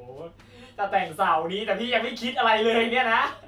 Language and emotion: Thai, happy